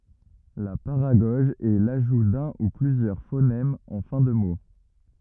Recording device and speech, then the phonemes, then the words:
rigid in-ear microphone, read sentence
la paʁaɡɔʒ ɛ laʒu dœ̃ u plyzjœʁ fonɛmz ɑ̃ fɛ̃ də mo
La paragoge est l'ajout d'un ou plusieurs phonèmes en fin de mot.

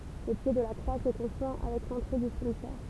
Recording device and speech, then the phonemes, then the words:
temple vibration pickup, read sentence
lə pje də la kʁwa sə kɔ̃fɔ̃ avɛk lɑ̃tʁe dy simtjɛʁ
Le pied de la croix se confond avec l'entrée du cimetière.

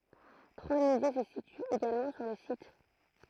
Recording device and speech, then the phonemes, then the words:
throat microphone, read sentence
tʁwa myze sə sityt eɡalmɑ̃ syʁ lə sit
Trois musées se situent également sur le site.

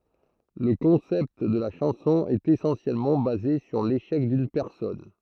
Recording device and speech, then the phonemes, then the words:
throat microphone, read sentence
lə kɔ̃sɛpt də la ʃɑ̃sɔ̃ ɛt esɑ̃sjɛlmɑ̃ baze syʁ leʃɛk dyn pɛʁsɔn
Le concept de la chanson est essentiellement basé sur l'échec d'une personne.

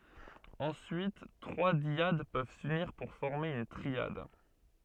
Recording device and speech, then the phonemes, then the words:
soft in-ear microphone, read sentence
ɑ̃syit tʁwa djad pøv syniʁ puʁ fɔʁme yn tʁiad
Ensuite, trois dyades peuvent s’unir pour former une triade.

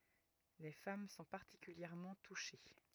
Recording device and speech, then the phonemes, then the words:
rigid in-ear microphone, read sentence
le fam sɔ̃ paʁtikyljɛʁmɑ̃ tuʃe
Les femmes sont particulièrement touchées.

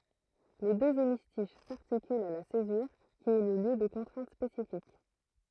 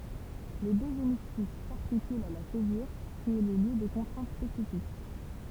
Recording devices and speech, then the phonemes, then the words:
throat microphone, temple vibration pickup, read sentence
le døz emistiʃ saʁtikylt a la sezyʁ ki ɛ lə ljø də kɔ̃tʁɛ̃t spesifik
Les deux hémistiches s'articulent à la césure, qui est le lieu de contraintes spécifiques.

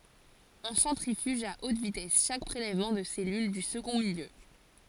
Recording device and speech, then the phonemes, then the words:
forehead accelerometer, read sentence
ɔ̃ sɑ̃tʁifyʒ a ot vitɛs ʃak pʁelɛvmɑ̃ də sɛlyl dy səɡɔ̃ miljø
On centrifuge à haute vitesse chaque prélèvement de cellules du second milieu.

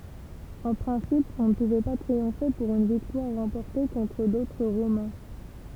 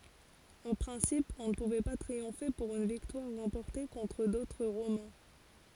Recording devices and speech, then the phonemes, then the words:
temple vibration pickup, forehead accelerometer, read sentence
ɑ̃ pʁɛ̃sip ɔ̃ nə puvɛ pa tʁiɔ̃fe puʁ yn viktwaʁ ʁɑ̃pɔʁte kɔ̃tʁ dotʁ ʁomɛ̃
En principe, on ne pouvait pas triompher pour une victoire remportée contre d'autres Romains.

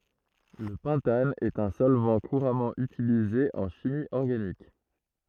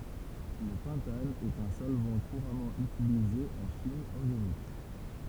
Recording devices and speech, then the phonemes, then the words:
throat microphone, temple vibration pickup, read sentence
lə pɑ̃tan ɛt œ̃ sɔlvɑ̃ kuʁamɑ̃ ytilize ɑ̃ ʃimi ɔʁɡanik
Le pentane est un solvant couramment utilisé en chimie organique.

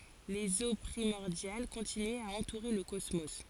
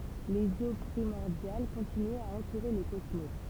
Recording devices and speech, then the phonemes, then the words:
forehead accelerometer, temple vibration pickup, read sentence
lez o pʁimɔʁdjal kɔ̃tinyɛt a ɑ̃tuʁe lə kɔsmo
Les eaux primordiales continuaient à entourer le cosmos.

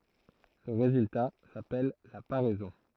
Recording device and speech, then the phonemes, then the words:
throat microphone, read sentence
lə ʁezylta sapɛl la paʁɛzɔ̃
Le résultat s'appelle la paraison.

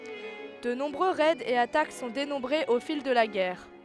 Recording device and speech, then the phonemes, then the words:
headset microphone, read sentence
də nɔ̃bʁø ʁɛdz e atak sɔ̃ denɔ̃bʁez o fil də la ɡɛʁ
De nombreux raids et attaques sont dénombrées au fil de la guerre.

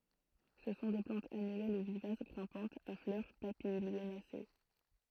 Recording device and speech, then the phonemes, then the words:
throat microphone, read sentence
sə sɔ̃ de plɑ̃tz anyɛl u vivas ɡʁɛ̃pɑ̃tz a flœʁ papiljonase
Ce sont des plantes annuelles ou vivaces grimpantes à fleurs papilionacées.

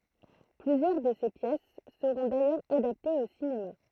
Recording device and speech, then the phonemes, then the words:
throat microphone, read sentence
plyzjœʁ də se pjɛs səʁɔ̃ dajœʁz adaptez o sinema
Plusieurs de ses pièces seront d'ailleurs adaptées au cinéma.

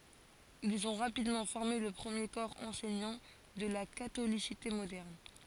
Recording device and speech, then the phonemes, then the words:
forehead accelerometer, read sentence
ilz ɔ̃ ʁapidmɑ̃ fɔʁme lə pʁəmje kɔʁ ɑ̃sɛɲɑ̃ də la katolisite modɛʁn
Ils ont rapidement formé le premier corps enseignant de la catholicité moderne.

